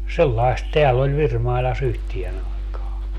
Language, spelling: Finnish, sellaista täällä oli Virmailassa yhteen aikaan
- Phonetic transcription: 'sellaist 'teäll ‿oĺ 'Virmaila's ‿yhtien ‿aikaa .

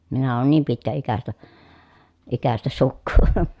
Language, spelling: Finnish, minä olen niin - pitkäikäistä sukua
- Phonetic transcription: minä oon niim pitkä₍ikästä , -ikästä sukkuu .

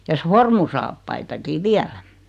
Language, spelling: Finnish, ja sormussaappaitakin vielä
- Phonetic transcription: ja "sformusaappaitaki "viälä .

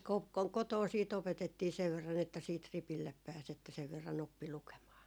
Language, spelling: Finnish, - - kotona sitten opetettiin sen verran että sitten ripille pääsi että sen verran oppi lukemaan
- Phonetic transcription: k- , ko- , 'kotoo sii't ‿opetettii sev verran että siit , 'ripillep pääs että 'sev 'verran ‿oppi "lukemaa .

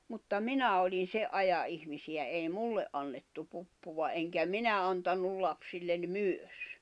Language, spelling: Finnish, mutta minä olin sen ajan ihmisiä ei minulle annettu puppua enkä minä antanut lapsille myös
- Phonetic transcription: mutta "minä olin 'se’ ’aja’ ’ihmisiʲä èi "mulle’ ’annettu puppuva eŋkä 'minä 'antannul lapsillen "myös .

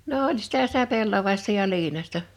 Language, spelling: Finnish, no oli sitä sitä pellavaista ja liinaista
- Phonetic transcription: no 'oĺ sɪtä sitä 'pellavàista ja 'Iinaśta .

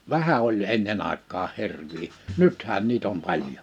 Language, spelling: Finnish, vähän oli ennen aikaan hirviä nythän niitä on paljon
- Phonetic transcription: vähä oĺ 'ennen ‿àek̆kaaʰ 'hi̬rvii , "nythään 'niit ‿om 'paĺjo .

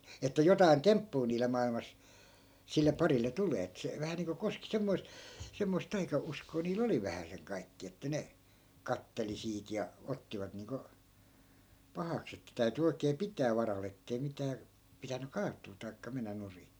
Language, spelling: Finnish, että jotakin temppua niille maailmassa sille parille tulee että se vähän niin kuin koski semmoista semmoista taikauskoa niillä oli vähäsen kaikkia että ne katseli siitä ja ottivat niin kuin pahaksi että täytyi oikein pitää varalla että ei mitään pitänyt kaatua tai mennä nurin
- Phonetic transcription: että 'jotai̮n "temppuu niile 'mailmas , sille 'parille 'tulee et se , 'vähä niiŋko 'koski 'semmoi̮sᵗ , semmoist 'taika₍'uskoo nii"l ‿oli 'vähäseŋ 'kaikki₍a että ne , "katteli 'siit ja , 'ottivat niiŋko , "pahaks ‿että 'täyty oikee "pitää 'varal ‿ettei 'mitää , pitäny 'kaat̆tuu tai̮kka mennä 'nuri .

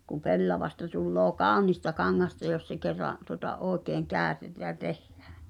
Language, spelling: Finnish, kun pellavasta tulee kaunista kangasta jos se kerran tuota oikein käytetään ja tehdään
- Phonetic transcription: kuᵐ 'pellavasta tulloo "kàonista 'kaŋŋasta jos se kerra’ , tuŏta "’ooᵉkeeŋ 'kääᵒ̈tetää jä 'tehhᴀ̈ᴀ̈ .

